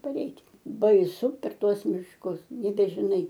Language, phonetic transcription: Lithuanian, paˈreit' baiˈsu per ˈtuos mišˈkus nebežiˈnai

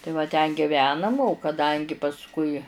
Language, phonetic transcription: Lithuanian, tai va ˈten giˈvenam o kaˈdangi pasˈkui

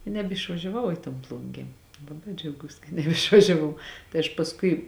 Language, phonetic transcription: Lithuanian, i nebišvažiaˈvau i ton ˈplungė ˈlabai džiauˈgūs ka neišvažiaˈvau tai aš pasˈkui

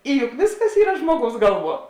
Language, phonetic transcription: Lithuanian, i juk ˈvėsˌkas ˈyra ˈžmuoˌgaus ˈgalˌvuo

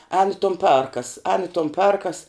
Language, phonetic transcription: Lithuanian, ēn i ton ˈperkas ēn i ton ˈperkas

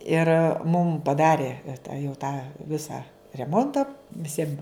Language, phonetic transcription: Lithuanian, ir mum paˈdari ta jau tą ˈvisą reˈmonta viˈsiem

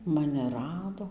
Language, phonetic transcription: Lithuanian, ˈmani ˈrado

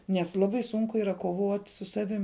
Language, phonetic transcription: Lithuanian, nes ˈlabai ˈsunku ˈyra koˈvot' su ˈsavim

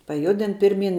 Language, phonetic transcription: Lithuanian, paˈjudin ˈpirˌmyn

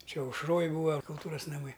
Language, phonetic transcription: Lithuanian, ˈčia aušˈroj ˈbūa kulˈtūras naˈmai

